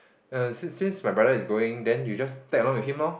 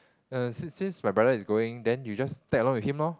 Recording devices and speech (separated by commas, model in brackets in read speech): boundary microphone, close-talking microphone, conversation in the same room